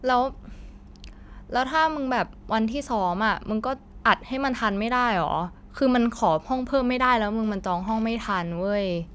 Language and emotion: Thai, frustrated